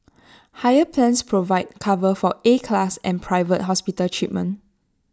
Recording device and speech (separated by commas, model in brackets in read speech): standing microphone (AKG C214), read sentence